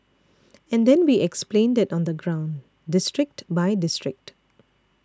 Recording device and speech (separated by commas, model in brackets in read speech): standing microphone (AKG C214), read sentence